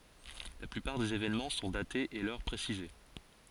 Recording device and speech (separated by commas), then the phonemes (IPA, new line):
forehead accelerometer, read sentence
la plypaʁ dez evenmɑ̃ sɔ̃ datez e lœʁ pʁesize